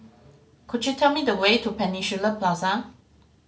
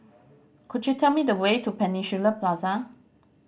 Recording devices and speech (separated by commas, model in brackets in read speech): mobile phone (Samsung C5010), boundary microphone (BM630), read sentence